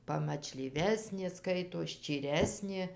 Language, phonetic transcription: Lithuanian, pamačlyˈvesnė ˈskaitos ščyˈresnė

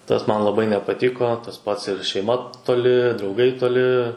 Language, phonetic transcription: Lithuanian, ˈtas ˈman laˈbai nepaˈtiko tas ˈpats ir šeiˈma toˈli drauˈgai toˈli

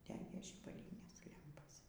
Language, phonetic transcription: Lithuanian, ˈdegė žybaˈlynės ˈlempos

